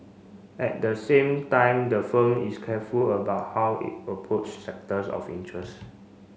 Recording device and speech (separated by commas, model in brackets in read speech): mobile phone (Samsung C5), read sentence